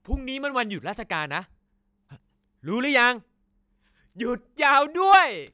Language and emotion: Thai, happy